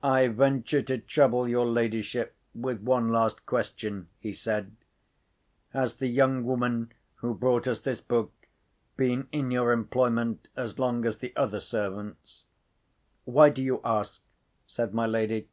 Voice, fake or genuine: genuine